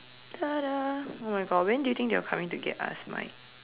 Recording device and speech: telephone, conversation in separate rooms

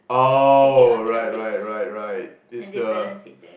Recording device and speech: boundary microphone, conversation in the same room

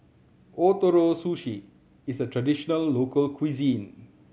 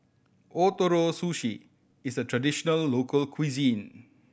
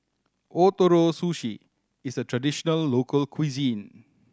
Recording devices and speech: mobile phone (Samsung C7100), boundary microphone (BM630), standing microphone (AKG C214), read sentence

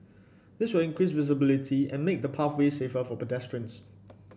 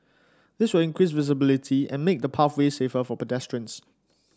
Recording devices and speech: boundary microphone (BM630), standing microphone (AKG C214), read sentence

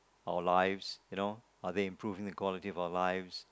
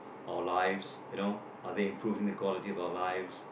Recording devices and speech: close-talking microphone, boundary microphone, conversation in the same room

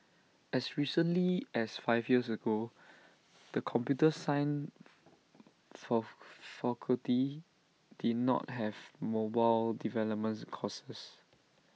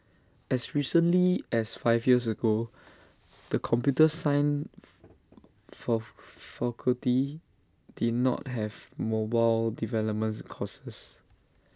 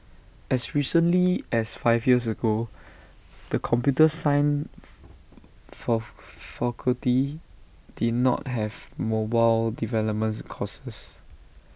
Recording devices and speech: mobile phone (iPhone 6), standing microphone (AKG C214), boundary microphone (BM630), read sentence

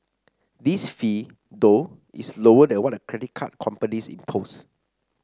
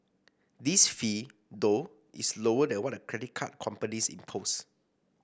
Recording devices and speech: standing microphone (AKG C214), boundary microphone (BM630), read sentence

